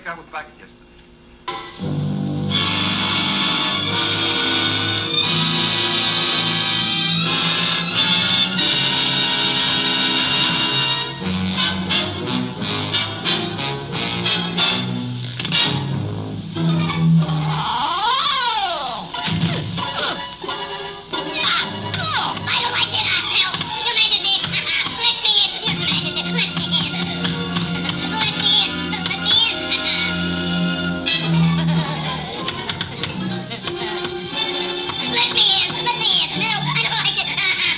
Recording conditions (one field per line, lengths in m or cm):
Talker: no one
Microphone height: 1.1 m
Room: large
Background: television